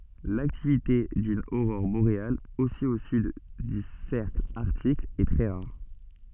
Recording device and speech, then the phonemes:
soft in-ear microphone, read sentence
laktivite dyn oʁɔʁ boʁeal osi o syd dy sɛʁkl aʁtik ɛ tʁɛ ʁaʁ

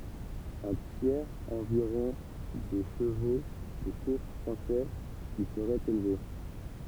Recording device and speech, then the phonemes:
temple vibration pickup, read sentence
œ̃ tjɛʁz ɑ̃viʁɔ̃ de ʃəvo də kuʁs fʁɑ̃sɛz i səʁɛt elve

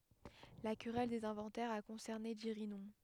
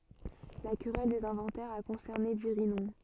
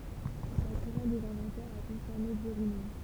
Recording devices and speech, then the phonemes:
headset microphone, soft in-ear microphone, temple vibration pickup, read sentence
la kʁɛl dez ɛ̃vɑ̃tɛʁz a kɔ̃sɛʁne diʁinɔ̃

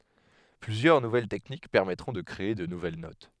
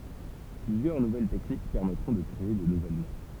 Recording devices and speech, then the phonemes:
headset microphone, temple vibration pickup, read sentence
plyzjœʁ nuvɛl tɛknik pɛʁmɛtʁɔ̃ də kʁee də nuvɛl not

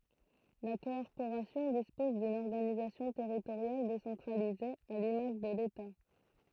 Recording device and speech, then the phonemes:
throat microphone, read sentence
la kɔʁpoʁasjɔ̃ dispɔz dyn ɔʁɡanizasjɔ̃ tɛʁitoʁjal desɑ̃tʁalize a limaʒ də leta

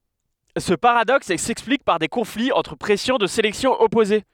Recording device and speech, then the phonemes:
headset microphone, read sentence
sə paʁadɔks sɛksplik paʁ de kɔ̃fliz ɑ̃tʁ pʁɛsjɔ̃ də selɛksjɔ̃ ɔpoze

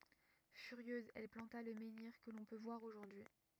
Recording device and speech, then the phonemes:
rigid in-ear microphone, read sentence
fyʁjøz ɛl plɑ̃ta lə mɑ̃niʁ kə lɔ̃ pø vwaʁ oʒuʁdyi

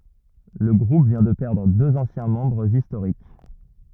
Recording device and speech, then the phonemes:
rigid in-ear microphone, read sentence
lə ɡʁup vjɛ̃ də pɛʁdʁ døz ɑ̃sjɛ̃ mɑ̃bʁz istoʁik

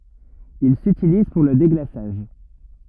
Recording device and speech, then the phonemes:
rigid in-ear microphone, read sentence
il sytiliz puʁ lə deɡlasaʒ

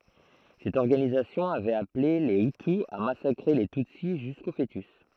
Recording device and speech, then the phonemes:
throat microphone, read sentence
sɛt ɔʁɡanizasjɔ̃ avɛt aple le yty a masakʁe le tytsi ʒysko foətys

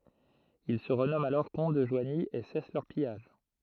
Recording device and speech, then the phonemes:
throat microphone, read sentence
il sə ʁənɔmɑ̃t alɔʁ kɔ̃t də ʒwaɲi e sɛs lœʁ pijaʒ

